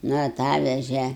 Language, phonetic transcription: Lithuanian, ˈnu aˈtaveže

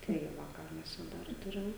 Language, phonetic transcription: Lithuanian, tai ˈva ˈką mes čia ˈdar ˈturim

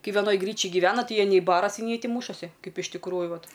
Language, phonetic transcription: Lithuanian, ˈkai veˈnoj ˈgryčij giˈvena ˈtai ˈjie nei ˈbarasi nei ˈtį ˈmūšasi ˈkaip iš tikˈrųju ˈvat

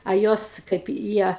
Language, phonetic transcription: Lithuanian, a ˈjos kaip i ˈjie

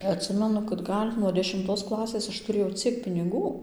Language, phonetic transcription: Lithuanian, atˈsimenu kad ˈgal' nuo dešimˈtos ˈklasės ˈaš tuˈrėjau ˈciek piniˈgų

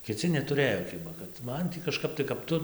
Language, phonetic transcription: Lithuanian, kiˈci neˈturɘjo ˈkiba kad ˈman tį kažˈkap tai kap ˈtu

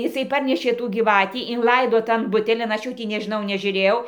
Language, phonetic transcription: Lithuanian, iˈsai ˈparnešė tų gyˈvatį inˈlaido tan ˈbutelin aš ˈjų tį nežiˈnau nežiuˈrėjau

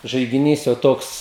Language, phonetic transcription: Lithuanian, žaigiˈnys jau ˈtoks

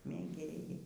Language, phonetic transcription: Lithuanian, mėˈgėjai

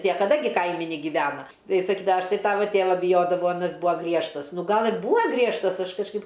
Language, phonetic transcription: Lithuanian, tie kaˈda gi ˈkaimi negiˈvena ˈtai jis saˈkyda ˈaš ˈtai ˈtava ˈtėva biˈjodavau aˈnas ˈbuo ˈgriežtas ˈnu ˈgal ir ˈbūa griežtas ˈaš kažˈkaip

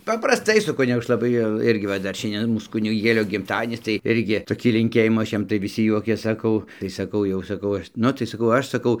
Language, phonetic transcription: Lithuanian, paprasˈtai su ˈkunigu ˈaš laˈbai jau ˈirgi va ˈdar ˈšiandien ˈmūs kuniˈgėlio gimˈtadienis tai ˈirgi toˈkį linˈkėjimų ˈaš ˈjam tai viˈsi ˈjuokės saˈkau tai saˈkau jau saˈkau ˈaš ˈnu tai saˈkau ˈaš saˈkau

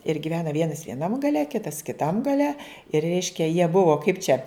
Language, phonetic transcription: Lithuanian, ir giˈvena ˈvienas vieˈnam gaˈle ˈkitas kiˈtam gaˈle ir ˈreiškia jie ˈbuvo kaip čia

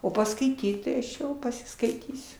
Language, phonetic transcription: Lithuanian, o paskaiˈtyt tai aš ˈjau pasiskaiˈtysiu

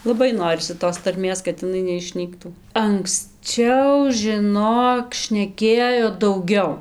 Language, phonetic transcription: Lithuanian, laˈbai ˈnorisi tos tarˈmės kad iˈnai neišˈnyktų anksˈčiau žiˈnok šneˈkėjo dauˈgiau

